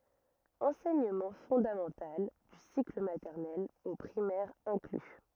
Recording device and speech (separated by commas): rigid in-ear microphone, read sentence